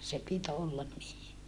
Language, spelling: Finnish, se piti olla niin
- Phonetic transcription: se pit ‿ollan nii .

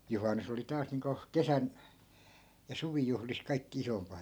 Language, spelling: Finnish, juhannus oli taas niin kuin kesän ja suvijuhlissa kaikkein isoin
- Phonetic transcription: 'juhannus ‿oli 'taas niiŋko , "kesän , ja 'suvijuhlis kai̮kki 'isompa .

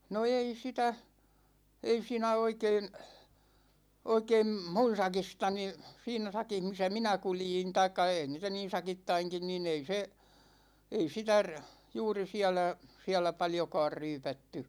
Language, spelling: Finnish, no ei sitä ei siinä oikein oikein minun sakistani siinä sakissa missä minä kuljin tai ei niitä niin sakittainkin niin ei se ei sitä - juuri siellä siellä paljonkaan ryypätty
- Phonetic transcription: no 'ei sitä , 'ei siinä 'oikeen , 'oikeem "mun̬ 'sakistani , 'siinä 'sakih misä "minä 'kuljin taikka 'èi niitä niin̬ 'sakittaiŋkin ni'n ‿ei se , ei 'sitä r- , 'juuri 'siälä , 'siälä 'paljokaar "ryypätty .

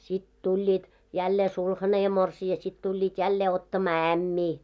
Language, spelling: Finnish, sitten tulivat jälleen sulhanen ja morsian sitten tulivat jälleen ottamaan ämmiä
- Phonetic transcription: sit 'tuĺĺiit , jällee "sulhane ja 'morsi₍a sit tuĺĺiit 'jällee 'ottamaa "ämmii .

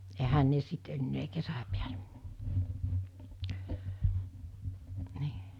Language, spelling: Finnish, eihän ne sitten enää kesän päälle niin
- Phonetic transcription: 'ehän ne 'sit ennee 'kesä piälᴇ , 'nɪɪ .

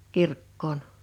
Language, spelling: Finnish, kirkkoon
- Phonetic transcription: 'kirkkoon .

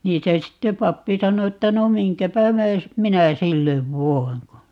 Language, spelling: Finnish, niin se sitten pappi sanoi että no minkäpä myös minä sille voin kun
- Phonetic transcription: 'niin se 'sitte "pappi 'sano että » 'no "miŋkäpä 'myös , "minä 'sillev "voi̮ŋ » ko , .

